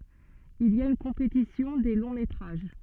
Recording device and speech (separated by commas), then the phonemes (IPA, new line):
soft in-ear microphone, read sentence
il i a yn kɔ̃petisjɔ̃ de lɔ̃ metʁaʒ